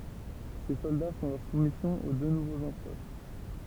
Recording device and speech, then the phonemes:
temple vibration pickup, read sentence
se sɔlda fɔ̃ lœʁ sumisjɔ̃ o dø nuvoz ɑ̃pʁœʁ

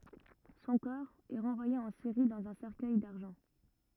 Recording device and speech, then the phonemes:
rigid in-ear microphone, read sentence
sɔ̃ kɔʁ ɛ ʁɑ̃vwaje ɑ̃ siʁi dɑ̃z œ̃ sɛʁkœj daʁʒɑ̃

